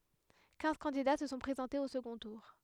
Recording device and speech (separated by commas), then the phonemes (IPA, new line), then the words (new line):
headset microphone, read sentence
kɛ̃z kɑ̃dida sə sɔ̃ pʁezɑ̃tez o səɡɔ̃ tuʁ
Quinze candidats se sont présentés au second tour.